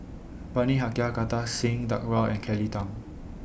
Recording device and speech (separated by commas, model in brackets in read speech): boundary microphone (BM630), read sentence